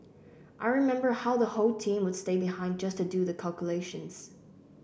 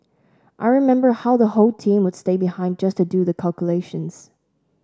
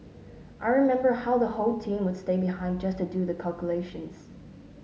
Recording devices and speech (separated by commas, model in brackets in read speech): boundary microphone (BM630), standing microphone (AKG C214), mobile phone (Samsung S8), read sentence